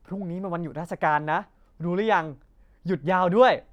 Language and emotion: Thai, happy